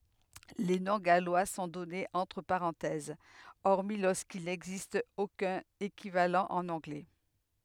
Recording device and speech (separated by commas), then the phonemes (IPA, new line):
headset microphone, read sentence
le nɔ̃ ɡalwa sɔ̃ dɔnez ɑ̃tʁ paʁɑ̃tɛz ɔʁmi loʁskil nɛɡzist okœ̃n ekivalɑ̃ ɑ̃n ɑ̃ɡlɛ